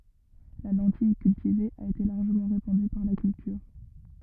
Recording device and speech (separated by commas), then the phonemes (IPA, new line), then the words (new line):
rigid in-ear microphone, read sentence
la lɑ̃tij kyltive a ete laʁʒəmɑ̃ ʁepɑ̃dy paʁ la kyltyʁ
La lentille cultivée a été largement répandue par la culture.